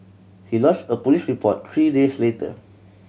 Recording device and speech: mobile phone (Samsung C7100), read sentence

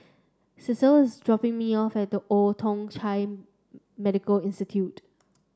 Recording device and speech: standing microphone (AKG C214), read sentence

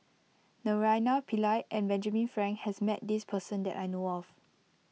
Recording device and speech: mobile phone (iPhone 6), read sentence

